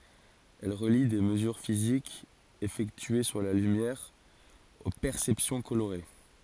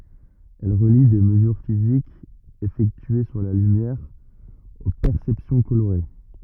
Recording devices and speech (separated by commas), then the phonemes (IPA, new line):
forehead accelerometer, rigid in-ear microphone, read sentence
ɛl ʁəli de məzyʁ fizikz efɛktye syʁ la lymjɛʁ o pɛʁsɛpsjɔ̃ koloʁe